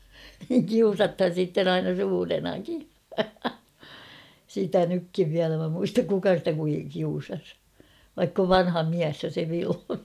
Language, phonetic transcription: Finnish, (niiŋ) "kiusathan̬ sitten ‿"aina 'suurenaki , sitä 'nykkiv viälä mä muistak "kuka stä kui- 'kiusas , vaikk ‿ov "vanha 'miäs jo se 'Vilho .
- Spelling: niin kiusataan sitten aina suurenakin sitä nytkin vielä minä muistan kuka sitä - kiusasi vaikka on vanha mies jo se Vilho

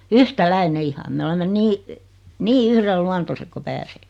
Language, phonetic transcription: Finnish, yhtäläine "iha me olemmen 'nii , 'nii "yhrel"luantoset ko 'pääseekɪ .
- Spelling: yhtäläinen ihan me olemme niin niin yhdenluontoiset kuin pääseekin

